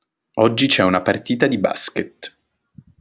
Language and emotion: Italian, neutral